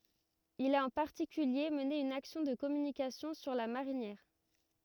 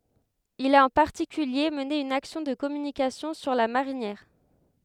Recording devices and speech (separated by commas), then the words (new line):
rigid in-ear microphone, headset microphone, read sentence
Il a en particulier mené une action de communication sur la marinière.